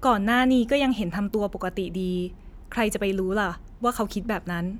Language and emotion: Thai, neutral